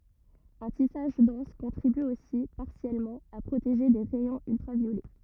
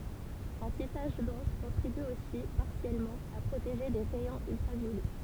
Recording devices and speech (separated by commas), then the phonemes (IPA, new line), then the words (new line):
rigid in-ear microphone, temple vibration pickup, read sentence
œ̃ tisaʒ dɑ̃s kɔ̃tʁiby osi paʁsjɛlmɑ̃ a pʁoteʒe de ʁɛjɔ̃z yltʁavjolɛ
Un tissage dense contribue aussi, partiellement, à protéger des rayons ultraviolets.